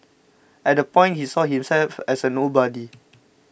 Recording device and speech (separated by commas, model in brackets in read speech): boundary microphone (BM630), read sentence